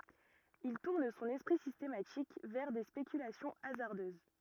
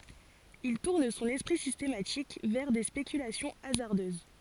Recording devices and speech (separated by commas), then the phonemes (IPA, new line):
rigid in-ear microphone, forehead accelerometer, read sentence
il tuʁn sɔ̃n ɛspʁi sistematik vɛʁ de spekylasjɔ̃ azaʁdøz